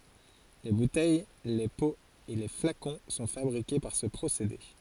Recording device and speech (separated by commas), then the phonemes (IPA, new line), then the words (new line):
forehead accelerometer, read sentence
le butɛj le poz e le flakɔ̃ sɔ̃ fabʁike paʁ sə pʁosede
Les bouteilles, les pots et les flacons sont fabriqués par ce procédé.